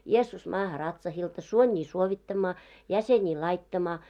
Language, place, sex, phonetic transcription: Finnish, Moloskovitsa, female, 'Jeessus 'maaha 'ratsahilta , 'suońii 'suovittammaa , 'jäsenii 'laittamaa .
- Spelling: Jeesus maahan ratsahilta suonia suovittamaan jäseniä laittamaan

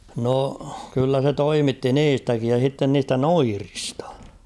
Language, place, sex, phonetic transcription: Finnish, Kauhava, male, 'no , kyllä se "toimitti "niistäkij ja sitten niistä "noiristᴀ .
- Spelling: no kyllä se toimitti niistäkin ja sitten niistä noidista

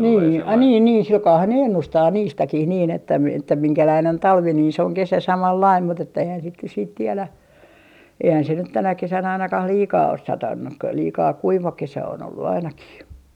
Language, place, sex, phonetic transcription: Finnish, Artjärvi, female, 'nii ai niin niin 'silkaahan ne "ennustaa 'niistäkih niin ‿että mi - että 'miŋkäläin on "talvi nii se oŋ "kesä 'samallaim mut ‿että eihän sit nyt siit tielä , eihän se nyt 'tänä 'kesän ainakah "liikaa os 'satannu ‿k- , 'liikaa "kuiva 'kesä on ollu 'ainakih .
- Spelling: niin ai niin niin sillä kalellahan ne ennustaa niistäkin niin että - että minkälainen on talvi niin se on kesä samanlainen mutta että eihän sitten nyt sitten tiedä eihän se nyt tänä kesänä ainakaan liikaa ole satanut - liika kuiva kesä on ollut ainakin

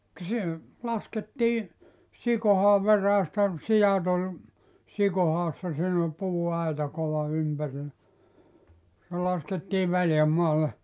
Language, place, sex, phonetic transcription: Finnish, Joutsa, male, k[a] se , 'laskettii , 'sikohaav veräästä , 'sijat ‿ol , 'sikohaassa siin ‿ol 'puu₍aita kova 'ympärillä , se 'laskettii 'väljämmaalle .
- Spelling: ka se laskettiin sikohaan veräjästä siat oli sikohaassa siinä oli puuaita kova ympärillä se laskettiin väljänmaalle

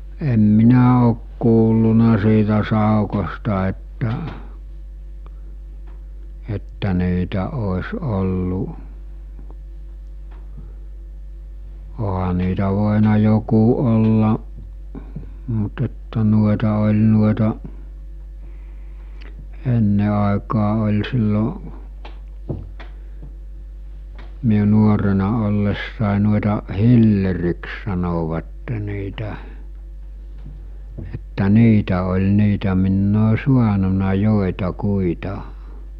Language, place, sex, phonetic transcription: Finnish, Mikkeli, male, em 'minä òk kuulluna siitä 'sàukosta että , että 'niitä òes ollu , oɦa niitä vòena joku ollaˀ , mut että nuoᵉta oĺ nuoᵉta’ , 'enne àekaa ol̜ sillo , miu 'nuorena ollessàe nuoᵉta , 'hilleriks sanovatte niitä , että "niitä oĺ 'niitä minn ‿oo 'suanuna 'jòita'kuita .
- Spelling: en minä ole kuullut siitä saukosta että että niitä olisi ollut onhan niitä voinut joku olla mutta että noita oli noita ennen aikaan oli silloin minun nuorena ollessa noita hilleriksi sanoivat niitä että niitä oli niitä minä olen saanut joitakuita

